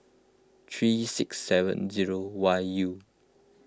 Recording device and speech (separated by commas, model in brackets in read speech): close-talking microphone (WH20), read sentence